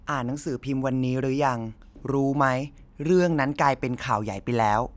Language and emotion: Thai, neutral